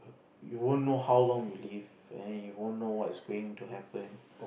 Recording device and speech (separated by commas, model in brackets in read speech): boundary microphone, conversation in the same room